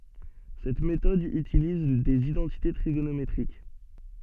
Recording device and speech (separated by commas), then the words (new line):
soft in-ear microphone, read sentence
Cette méthode utilise des identités trigonométriques.